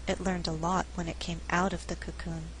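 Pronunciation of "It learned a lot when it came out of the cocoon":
In 'It learned a lot when it came out of the cocoon', the word 'out' is stressed.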